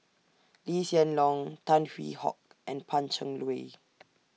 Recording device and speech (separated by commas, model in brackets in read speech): mobile phone (iPhone 6), read sentence